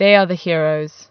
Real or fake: real